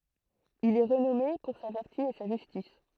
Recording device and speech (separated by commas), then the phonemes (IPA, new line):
throat microphone, read sentence
il ɛ ʁənɔme puʁ sa vɛʁty e sa ʒystis